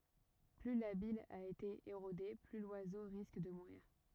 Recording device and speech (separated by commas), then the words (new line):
rigid in-ear microphone, read sentence
Plus la bille a été érodée, plus l'oiseau risque de mourir.